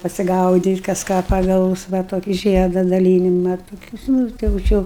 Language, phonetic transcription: Lithuanian, pasigaudyt' kas ˈką paˈgaus va ˈtoki ˈžieda daˈlynima toˈkius ˈnū tai jau ˈči jau

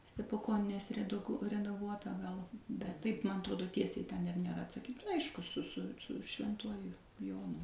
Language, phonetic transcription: Lithuanian, stepuˈkonenės reˈdug redaˈguota gal bet taip ˈman atˈrodo ˈtiesiai ten ir nėˈra atsaˈkyt ˈaišku su su su švenˈtuoju ˈjonu

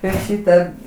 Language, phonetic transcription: Lithuanian, ir ˈšyta

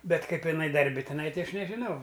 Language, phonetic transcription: Lithuanian, ˈbet ˈkaip iˈnai darˈbi tiˈnai ˈti ˈaš nežiˈnau

